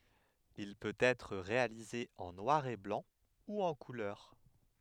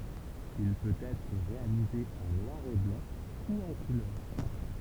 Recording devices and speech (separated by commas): headset microphone, temple vibration pickup, read sentence